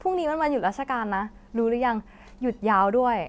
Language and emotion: Thai, happy